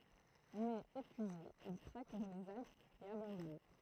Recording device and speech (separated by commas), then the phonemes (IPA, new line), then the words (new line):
throat microphone, read sentence
mɛz epyize il kʁak dɑ̃ lez alpz e abɑ̃dɔn
Mais épuisé, il craque dans les Alpes et abandonne.